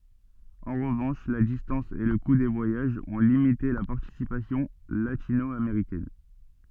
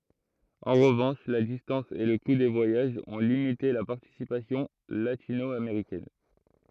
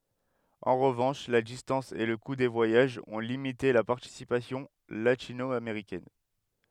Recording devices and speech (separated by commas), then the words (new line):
soft in-ear microphone, throat microphone, headset microphone, read sentence
En revanche, la distance et le coût des voyages ont limité la participation latino-américaine.